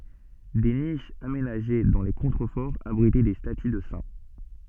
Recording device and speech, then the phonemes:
soft in-ear microphone, read sentence
de niʃz amenaʒe dɑ̃ le kɔ̃tʁəfɔʁz abʁitɛ de staty də sɛ̃

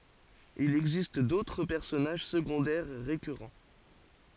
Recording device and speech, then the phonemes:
forehead accelerometer, read sentence
il ɛɡzist dotʁ pɛʁsɔnaʒ səɡɔ̃dɛʁ ʁekyʁɑ̃

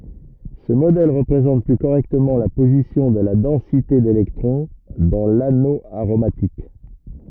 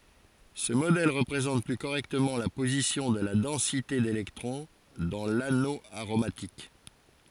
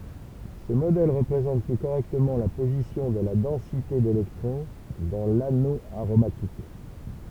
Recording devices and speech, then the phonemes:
rigid in-ear microphone, forehead accelerometer, temple vibration pickup, read sentence
sə modɛl ʁəpʁezɑ̃t ply koʁɛktəmɑ̃ la pozisjɔ̃ də la dɑ̃site delɛktʁɔ̃ dɑ̃ lano aʁomatik

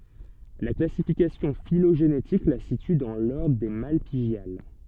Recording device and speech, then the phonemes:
soft in-ear microphone, read sentence
la klasifikasjɔ̃ filoʒenetik la sity dɑ̃ lɔʁdʁ de malpiɡjal

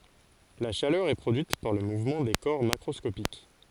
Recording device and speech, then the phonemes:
forehead accelerometer, read sentence
la ʃalœʁ ɛ pʁodyit paʁ lə muvmɑ̃ de kɔʁ makʁɔskopik

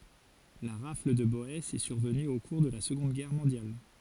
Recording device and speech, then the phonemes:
forehead accelerometer, read sentence
la ʁafl də bɔɛsz ɛ syʁvəny o kuʁ də la səɡɔ̃d ɡɛʁ mɔ̃djal

